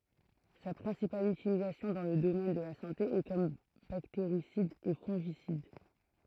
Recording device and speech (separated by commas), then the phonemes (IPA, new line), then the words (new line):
throat microphone, read sentence
sa pʁɛ̃sipal ytilizasjɔ̃ dɑ̃ lə domɛn də la sɑ̃te ɛ kɔm bakteʁisid e fɔ̃ʒisid
Sa principale utilisation dans le domaine de la santé est comme bactéricide et fongicide.